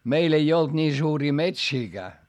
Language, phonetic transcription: Finnish, meil ‿ei olD ńii suurii metsiiGää .
- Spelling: meillä ei ollut niin suuria metsiäkään

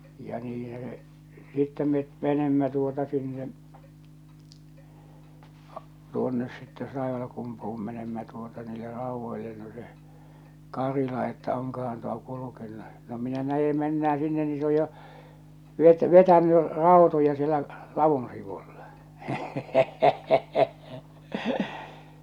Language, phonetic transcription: Finnish, ja niin̬hä se , 'sittɛ met 'menemmä tuota sinne , tuonnes sitte 'Taivalkumpuʰum menemmä tuota 'niille 'rauvvoille no se , 'Karila että » oŋka̳han tuo "kulukennᴜ « , no minä 'näje mennää sinne ni se oj jo , vet- , 'vetäny , "ràotoja sielä , "lavun sivulʟᴀ .
- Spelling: ja niinhän se sitten me menimme tuota sinne tuonne sitten Taivalkumpuun menimme tuota niille raudoille no se Karila että onkohan tuo kulkenut no minä näen mennään sinne niin se on jo - vetänyt rautoja siellä ladun sivulle

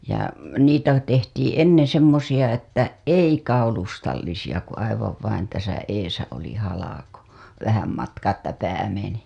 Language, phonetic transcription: Finnish, ja 'niitä tehtiiḭ "enneḛ semmosiʲa että "ei 'kaulustallisiʲa ku aivav vain täsä eesä oli 'halako , 'vähäm matkaa että 'pää meni .
- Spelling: ja niitä tehtiin ennen semmoisia että ei kaulustallisia kun aivan vain tässä edessä oli halko vähän matkaa että pää meni

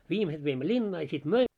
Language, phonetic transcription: Finnish, viimeset veimmö "ĺinnaa ja sit "möi- ,.
- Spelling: viimeiset veimme linnaan ja sitten -

